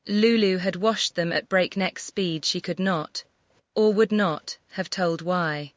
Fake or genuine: fake